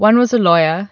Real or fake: real